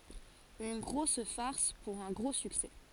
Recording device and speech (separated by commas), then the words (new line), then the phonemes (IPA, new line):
forehead accelerometer, read sentence
Une grosse farce pour un gros succès.
yn ɡʁos faʁs puʁ œ̃ ɡʁo syksɛ